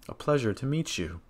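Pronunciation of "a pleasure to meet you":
The intonation falls on 'you' at the end of 'a pleasure to meet you'.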